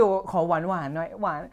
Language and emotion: Thai, neutral